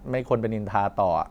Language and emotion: Thai, neutral